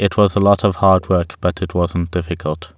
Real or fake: real